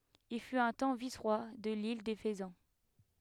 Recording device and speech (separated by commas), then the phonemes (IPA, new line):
headset microphone, read sentence
il fyt œ̃ tɑ̃ visʁwa də lil de fəzɑ̃